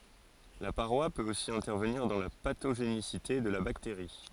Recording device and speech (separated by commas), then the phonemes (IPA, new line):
forehead accelerometer, read sentence
la paʁwa pøt osi ɛ̃tɛʁvəniʁ dɑ̃ la patoʒenisite də la bakteʁi